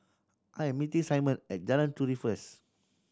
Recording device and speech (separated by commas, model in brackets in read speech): standing microphone (AKG C214), read sentence